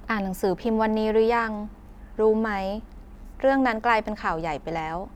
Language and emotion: Thai, neutral